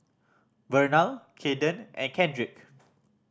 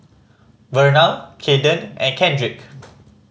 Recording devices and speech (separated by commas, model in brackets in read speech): standing microphone (AKG C214), mobile phone (Samsung C5010), read sentence